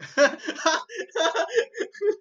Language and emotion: Thai, happy